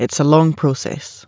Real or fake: real